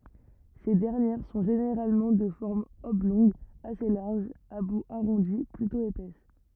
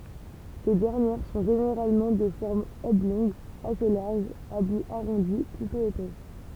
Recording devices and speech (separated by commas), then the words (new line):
rigid in-ear microphone, temple vibration pickup, read sentence
Ces dernières sont généralement de forme oblongue assez large, à bout arrondi, plutôt épaisses.